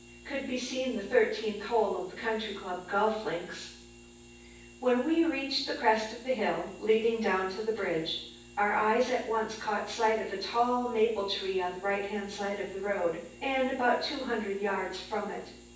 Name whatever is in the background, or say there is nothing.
Nothing.